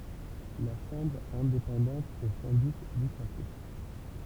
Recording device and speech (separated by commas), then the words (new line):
temple vibration pickup, read sentence
La Chambre est indépendante et sans but lucratif.